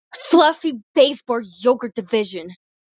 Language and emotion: English, disgusted